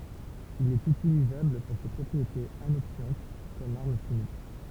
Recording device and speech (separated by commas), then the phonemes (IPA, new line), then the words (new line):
temple vibration pickup, read sentence
il ɛt ytilizabl puʁ se pʁɔpʁietez anoksjɑ̃t kɔm aʁm ʃimik
Il est utilisable pour ses propriétés anoxiantes comme arme chimique.